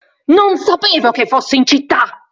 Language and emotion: Italian, angry